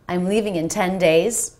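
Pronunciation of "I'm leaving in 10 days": In 'I'm leaving in 10 days', the most important syllables are 'leave', 'ten' and 'days'.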